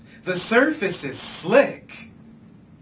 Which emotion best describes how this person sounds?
happy